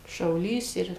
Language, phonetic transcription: Lithuanian, šauˈlys ˈir

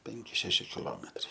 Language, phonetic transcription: Lithuanian, ˈpenki ˈšeši kiˈlometrai

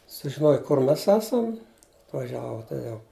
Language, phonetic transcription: Lithuanian, sužiˈnoj kur ˈmes ˈesam atvaˈžiavo toˈjau

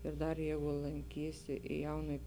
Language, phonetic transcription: Lithuanian, ir ˈdar ˈjeigu lanˈkysi i ˈjaunuoj

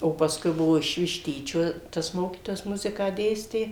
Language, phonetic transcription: Lithuanian, o pasˈkui ˈbuvo iš višˈtyčio tas ˈmokytojas ˈmuziką ˈdėstė

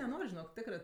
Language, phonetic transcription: Lithuanian, neˈnor' žiˈnok ˈtikrɜ

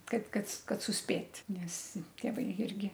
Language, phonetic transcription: Lithuanian, ˈkaip ˈkad ˈkad susˈpėt' ˈnes tėˈvai ˈirgi

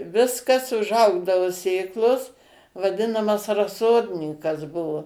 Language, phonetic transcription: Lithuanian, ˈviskas užˈaugdavu ˈsėklos vaˈdinamas raˈsodninkas ˈbuvo

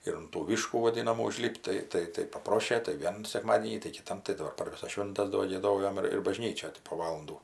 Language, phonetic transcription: Lithuanian, ir un tų ˈvyškų vaˈdinamų uˈžlip't' tai ˈtai tai paˈprošė tai ˈvienu sekˈmadienį tai kiˈtam tai daˈbar par ˈvisas ˈšvintas do gieˈdojom ir ir baˈžnyčioj ti po ˈvalandų

